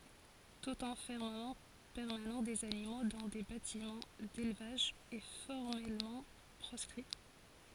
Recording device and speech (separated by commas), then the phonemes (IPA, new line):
forehead accelerometer, read sentence
tut ɑ̃fɛʁməmɑ̃ pɛʁmanɑ̃ dez animo dɑ̃ de batimɑ̃ delvaʒ ɛ fɔʁmɛlmɑ̃ pʁɔskʁi